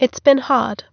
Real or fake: real